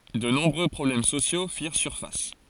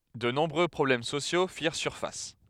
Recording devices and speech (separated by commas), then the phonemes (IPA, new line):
forehead accelerometer, headset microphone, read sentence
də nɔ̃bʁø pʁɔblɛm sosjo fiʁ syʁfas